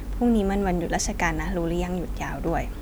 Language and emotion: Thai, neutral